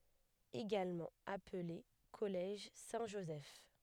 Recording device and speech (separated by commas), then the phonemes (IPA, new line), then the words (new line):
headset microphone, read sentence
eɡalmɑ̃ aple kɔlɛʒ sɛ̃tʒozɛf
Également appelé Collège Saint-Joseph.